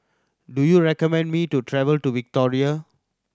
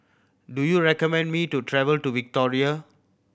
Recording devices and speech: standing microphone (AKG C214), boundary microphone (BM630), read sentence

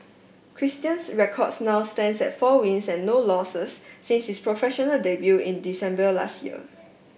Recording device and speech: boundary microphone (BM630), read sentence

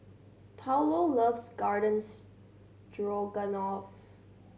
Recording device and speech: mobile phone (Samsung C7100), read sentence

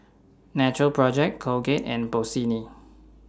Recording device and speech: standing microphone (AKG C214), read sentence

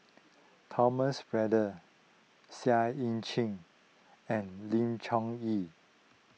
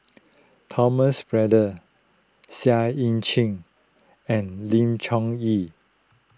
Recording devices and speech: mobile phone (iPhone 6), close-talking microphone (WH20), read sentence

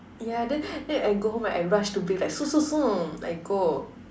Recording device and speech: standing microphone, conversation in separate rooms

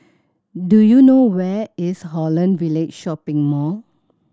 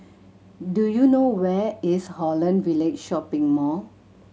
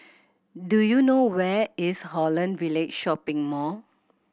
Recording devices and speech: standing microphone (AKG C214), mobile phone (Samsung C7100), boundary microphone (BM630), read sentence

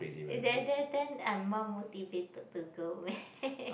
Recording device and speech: boundary microphone, conversation in the same room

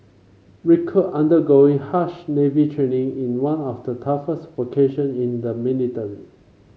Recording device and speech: mobile phone (Samsung C5), read sentence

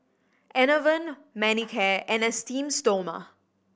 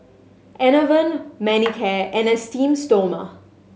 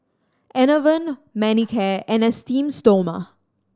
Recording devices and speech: boundary microphone (BM630), mobile phone (Samsung S8), standing microphone (AKG C214), read sentence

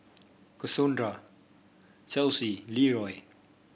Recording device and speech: boundary microphone (BM630), read sentence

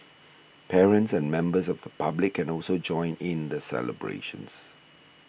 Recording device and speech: boundary microphone (BM630), read sentence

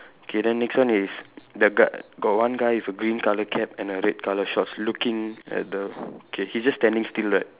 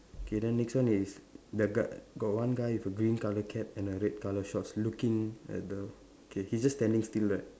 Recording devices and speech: telephone, standing microphone, conversation in separate rooms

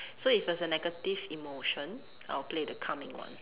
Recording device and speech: telephone, conversation in separate rooms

